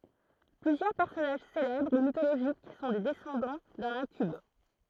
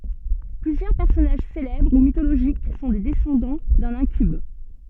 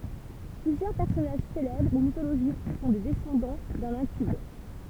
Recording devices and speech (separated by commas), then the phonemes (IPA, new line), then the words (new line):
throat microphone, soft in-ear microphone, temple vibration pickup, read sentence
plyzjœʁ pɛʁsɔnaʒ selɛbʁ u mitoloʒik sɔ̃ de dɛsɑ̃dɑ̃ dœ̃n ɛ̃kyb
Plusieurs personnages célèbres ou mythologiques sont des descendants d'un incube.